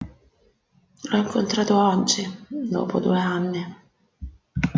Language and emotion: Italian, sad